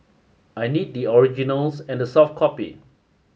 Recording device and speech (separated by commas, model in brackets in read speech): mobile phone (Samsung S8), read sentence